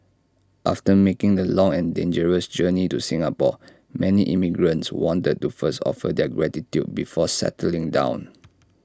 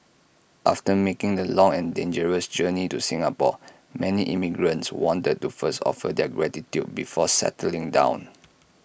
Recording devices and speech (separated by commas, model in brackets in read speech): standing microphone (AKG C214), boundary microphone (BM630), read sentence